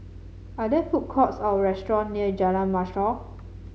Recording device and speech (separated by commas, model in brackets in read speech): mobile phone (Samsung C7), read sentence